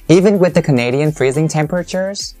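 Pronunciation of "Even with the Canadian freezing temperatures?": The voice rises from "the" to the end of the question. "Canadian" is stressed, and so is the last word, "temperatures".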